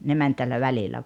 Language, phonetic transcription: Finnish, 'ne män tällä 'välilä .
- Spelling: ne meni tällä välillä

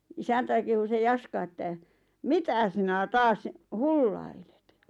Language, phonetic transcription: Finnish, 'isäntäi kehu se 'Jaska että , » "mitä sinä 'taas , "hullailᴇt « .
- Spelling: isäntä kehui se Jaska että mitä sinä taas hullailet

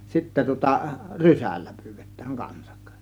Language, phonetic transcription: Finnish, 'sittä tŭŏta , "rysällÄ 'pyyVEt̆tÄÄИ 'kansak .
- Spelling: sitten tuota rysällä pyydetään kanssa

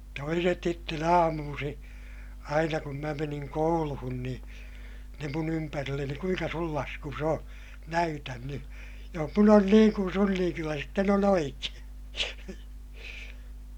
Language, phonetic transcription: Finnish, toiset sitten ‿aamuusiḭ , aina kum mä meniŋ kouluhun niḭ , ne mun ‿ympärilleni » kuiŋka sul laskus ‿o , näytän ny , joh mun ‿on niiŋ kun sun niiŋ kyllä sitten on ‿oikeè » .
- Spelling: toiset sitten aamuisin aina kun minä menin kouluun niin ne minun ympärilleni kuinka sinun laskusi on näytä nyt jos minun on niin kuin sinun niin kyllä sitten on oikein

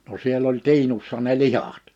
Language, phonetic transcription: Finnish, no 'siel ‿oĺ "tiinussa ne "lihat .
- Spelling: no siellä oli tiinussa ne lihat

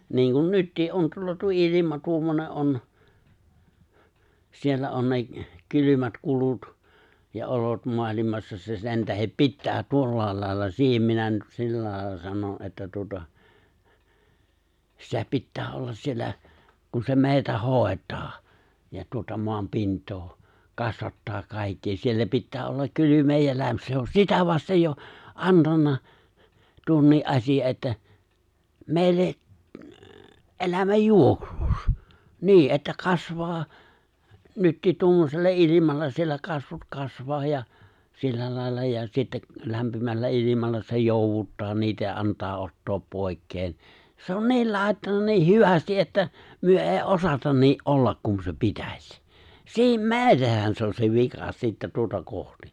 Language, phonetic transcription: Finnish, niiŋkun 'nyttii’ '’on 'tuolla tuo '’ilima 'tuommone '’on , 'siellä on ne , 'kylymät 'kulut , ja 'olot 'moalimassa se 'sen tähep "pittää 'tuollàel lài̬lla 'siihem minä nyt 'sillä lài̬lla 'sanon ’että tuota , 'sitä 'pittää "ollas siellä , kun se 'mè̬itä 'hòet̀aa , ja tuota 'moam 'pint̀oo , 'kasvattaa 'kàikki 'siellä 'pittää ollak 'kylymee ja 'läm- 'se on "sitä 'vastej "jo , "’antanna , 'tuonnii '’aśija ’että , 'mèi̬l̆le , '’elämäj'juoksuks , 'ni̬i̬ , ’että 'kasvaa , 'nyttiit 'tuommosella "’ilimalla siellä 'kasvut 'kasvaa ja , 'sillä lài̬lla ja 'sitte̬ , 'lämpimällä '’ilimalla se 'jòuvuttaa niitä ja 'ant̀aa 'ottoop 'pòi̬kkeen , se on "niil 'lài̬ttana nii "hyvästi’ että , 'myö '’èi "’osatan nii’ "’ollak kun se "pitäś , "sii- ("meeᴅähän) 'se on se 'vika sittä 'tuota 'kohti .
- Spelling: niin kuin nyt on tuolla tuo ilma tuommoinen on siellä on ne kylmät kulut ja olot maailmassa se sen tähden pitää tuolla lailla siihen minä nyt sillä lailla sanon että tuota sitä pitää olla siellä kun se meitä hoitaa ja tuota maan pintaa kasvattaa kaikki siellä pitää olla kylmää ja - se on sitä vasten jo antanut tuonkin asian että meille elämänjuoksussa niin että kasvaa nytkin tuommoisella ilmalla siellä kasvut kasvaa ja sillä lailla ja sitten lämpimällä ilmalla se jouduttaa niitä ja antaa ottaa pois se on niillä laittanut niin hyvin että me ei osata niin olla kuin se pitäisi - meidänhän se on se vika sitten tuota kohti

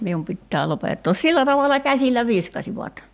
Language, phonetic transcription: Finnish, 'mium pittää 'lopettoos "sillä tavala 'käsil̆lä 'viskasivat .
- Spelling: minun pitää lopettaa sillä tavalla käsillä viskasivat

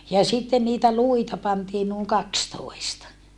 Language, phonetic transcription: Finnish, ja sitten niitä luita pantii nuuŋ kakstoista .
- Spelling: ja sitten niitä luita pantiin noin kaksitoista

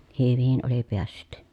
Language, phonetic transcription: Finnish, hyvin oli peässyt .
- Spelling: hyvin oli päässyt

